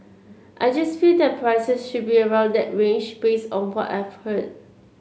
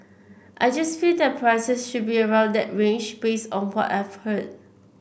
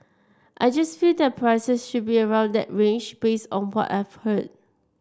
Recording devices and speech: mobile phone (Samsung C7), boundary microphone (BM630), standing microphone (AKG C214), read sentence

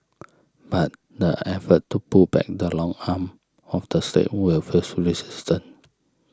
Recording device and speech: standing microphone (AKG C214), read sentence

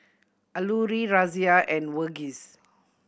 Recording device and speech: boundary microphone (BM630), read sentence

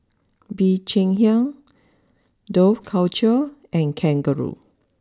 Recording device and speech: standing microphone (AKG C214), read sentence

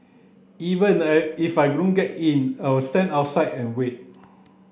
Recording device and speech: boundary microphone (BM630), read sentence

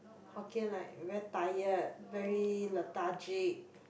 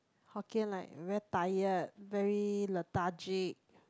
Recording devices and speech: boundary microphone, close-talking microphone, conversation in the same room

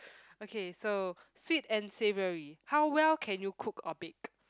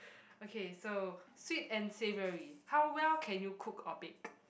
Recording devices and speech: close-talking microphone, boundary microphone, conversation in the same room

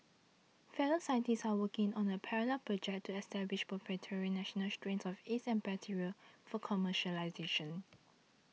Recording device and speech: mobile phone (iPhone 6), read sentence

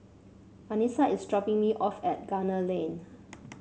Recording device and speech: mobile phone (Samsung C7), read sentence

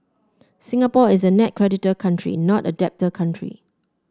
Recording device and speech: standing microphone (AKG C214), read sentence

